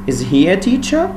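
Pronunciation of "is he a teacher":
'Is he a teacher' has a rising intonation: the voice goes up towards the end of the sentence.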